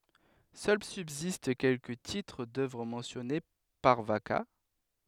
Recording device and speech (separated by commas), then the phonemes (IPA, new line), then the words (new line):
headset microphone, read sentence
sœl sybzist kɛlkə titʁ dœvʁ mɑ̃sjɔne paʁ vaka
Seuls subsistent quelques titres d'œuvre mentionnés par Vacca.